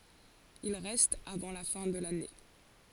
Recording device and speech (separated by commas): forehead accelerometer, read sentence